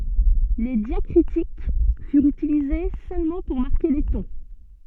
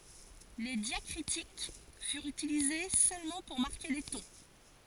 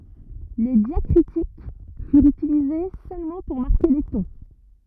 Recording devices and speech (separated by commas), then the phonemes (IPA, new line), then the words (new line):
soft in-ear microphone, forehead accelerometer, rigid in-ear microphone, read sentence
le djakʁitik fyʁt ytilize sølmɑ̃ puʁ maʁke le tɔ̃
Les diacritiques furent utilisées seulement pour marquer les tons.